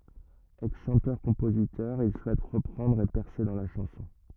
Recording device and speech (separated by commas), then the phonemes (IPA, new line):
rigid in-ear microphone, read sentence
ɛksʃɑ̃tœʁkɔ̃pozitœʁ il suɛt ʁəpʁɑ̃dʁ e pɛʁse dɑ̃ la ʃɑ̃sɔ̃